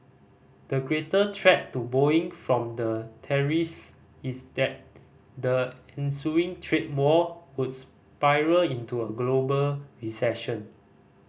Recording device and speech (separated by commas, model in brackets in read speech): boundary microphone (BM630), read sentence